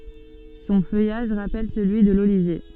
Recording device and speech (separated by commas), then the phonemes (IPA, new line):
soft in-ear microphone, read sentence
sɔ̃ fœjaʒ ʁapɛl səlyi də lolivje